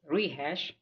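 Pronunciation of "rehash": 'Rehash' is said as the noun, with the stress on the first syllable, 're'.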